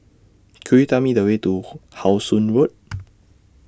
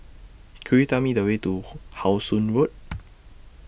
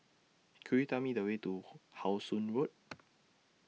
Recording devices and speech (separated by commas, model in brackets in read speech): standing microphone (AKG C214), boundary microphone (BM630), mobile phone (iPhone 6), read sentence